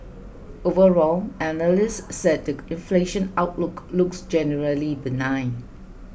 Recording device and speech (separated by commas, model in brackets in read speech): boundary microphone (BM630), read sentence